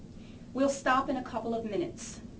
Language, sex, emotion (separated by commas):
English, female, neutral